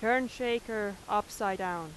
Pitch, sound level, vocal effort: 210 Hz, 90 dB SPL, very loud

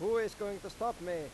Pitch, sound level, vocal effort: 205 Hz, 99 dB SPL, loud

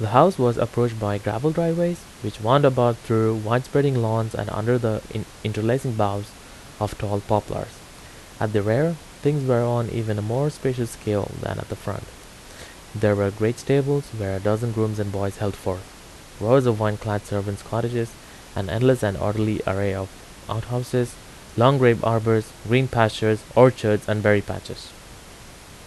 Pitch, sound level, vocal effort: 110 Hz, 81 dB SPL, normal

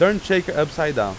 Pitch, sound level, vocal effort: 165 Hz, 94 dB SPL, very loud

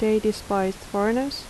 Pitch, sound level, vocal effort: 215 Hz, 79 dB SPL, soft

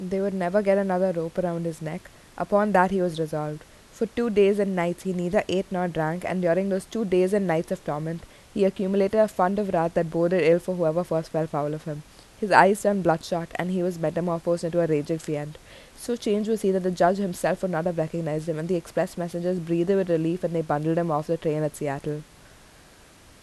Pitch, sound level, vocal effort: 175 Hz, 81 dB SPL, normal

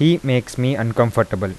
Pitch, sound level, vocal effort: 120 Hz, 85 dB SPL, normal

